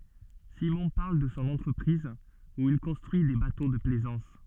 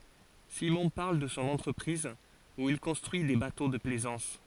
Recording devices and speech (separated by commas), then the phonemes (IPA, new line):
soft in-ear microphone, forehead accelerometer, read sentence
simɔ̃ paʁl də sɔ̃ ɑ̃tʁəpʁiz u il kɔ̃stʁyi de bato də plɛzɑ̃s